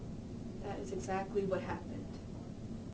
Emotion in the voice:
neutral